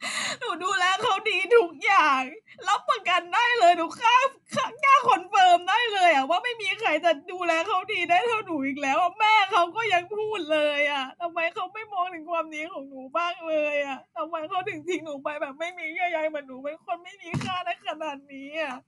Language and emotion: Thai, sad